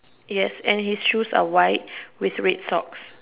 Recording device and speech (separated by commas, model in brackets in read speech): telephone, conversation in separate rooms